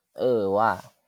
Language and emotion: Thai, neutral